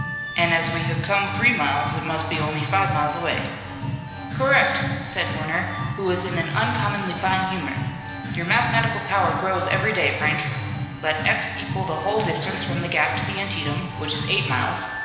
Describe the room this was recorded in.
A large and very echoey room.